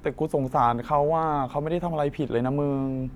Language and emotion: Thai, sad